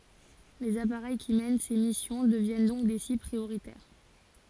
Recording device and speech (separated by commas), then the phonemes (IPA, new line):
forehead accelerometer, read sentence
lez apaʁɛj ki mɛn se misjɔ̃ dəvjɛn dɔ̃k de sibl pʁioʁitɛʁ